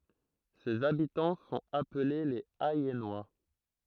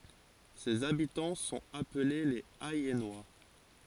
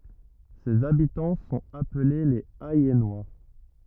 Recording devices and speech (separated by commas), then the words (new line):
throat microphone, forehead accelerometer, rigid in-ear microphone, read sentence
Ses habitants sont appelés les Ayennois.